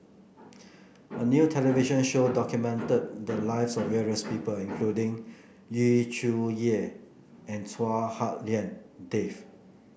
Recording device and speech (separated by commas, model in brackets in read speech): boundary microphone (BM630), read sentence